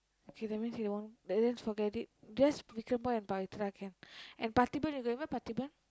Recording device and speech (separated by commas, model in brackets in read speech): close-talking microphone, conversation in the same room